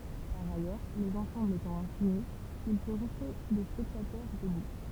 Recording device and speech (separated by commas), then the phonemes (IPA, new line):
temple vibration pickup, read sentence
paʁ ajœʁ lez ɑ̃sɑ̃blz etɑ̃ ɛ̃fini il pø ʁɛste de spɛktatœʁ dəbu